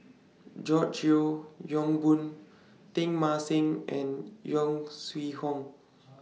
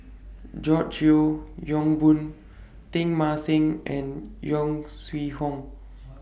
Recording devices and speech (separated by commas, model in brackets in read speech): mobile phone (iPhone 6), boundary microphone (BM630), read sentence